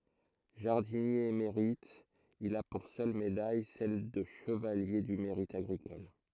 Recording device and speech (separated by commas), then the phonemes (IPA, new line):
throat microphone, read sentence
ʒaʁdinje emeʁit il a puʁ sœl medaj sɛl də ʃəvalje dy meʁit aɡʁikɔl